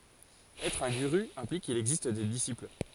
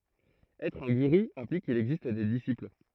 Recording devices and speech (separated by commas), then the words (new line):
forehead accelerometer, throat microphone, read sentence
Être un guru implique qu'il existe des disciples.